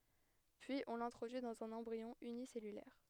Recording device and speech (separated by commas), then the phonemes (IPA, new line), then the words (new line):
headset microphone, read sentence
pyiz ɔ̃ lɛ̃tʁodyi dɑ̃z œ̃n ɑ̃bʁiɔ̃ ynisɛlylɛʁ
Puis on l'introduit dans un embryon unicellulaire.